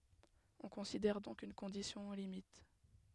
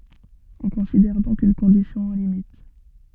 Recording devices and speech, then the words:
headset microphone, soft in-ear microphone, read sentence
On considère donc une condition aux limites.

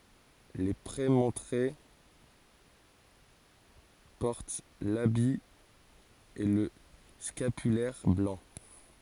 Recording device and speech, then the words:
forehead accelerometer, read sentence
Les prémontrés portent l'habit et le scapulaire blancs.

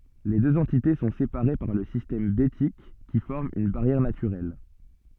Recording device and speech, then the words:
soft in-ear microphone, read sentence
Les deux entités sont séparées par le système Bétique qui forme une barrière naturelle.

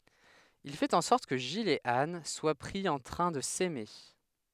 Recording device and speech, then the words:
headset microphone, read sentence
Il fait en sorte que Gilles et Anne soient pris en train de s’aimer.

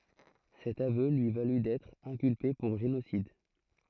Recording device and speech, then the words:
throat microphone, read sentence
Cet aveu lui valut d'être inculpé pour génocide.

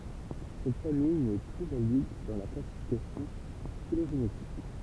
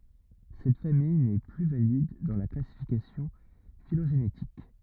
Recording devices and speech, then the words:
temple vibration pickup, rigid in-ear microphone, read sentence
Cette famille n'est plus valide dans la classification phylogénétique.

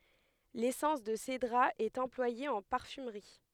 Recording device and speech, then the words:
headset microphone, read sentence
L'essence de cédrat est employée en parfumerie.

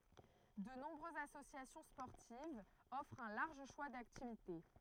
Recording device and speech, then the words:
throat microphone, read sentence
De nombreuses associations sportives offrent un large choix d'activités.

